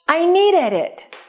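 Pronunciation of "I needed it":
The d at the end of 'needed' moves to the beginning of 'it', so the two words link together.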